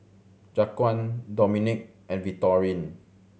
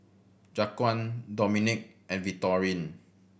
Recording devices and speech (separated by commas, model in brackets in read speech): mobile phone (Samsung C7100), boundary microphone (BM630), read sentence